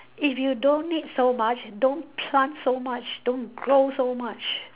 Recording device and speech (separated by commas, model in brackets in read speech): telephone, conversation in separate rooms